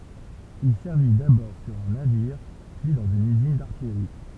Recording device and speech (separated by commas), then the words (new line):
temple vibration pickup, read sentence
Il servit d'abord sur un navire, puis dans une usine d'artillerie.